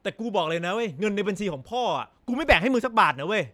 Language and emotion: Thai, angry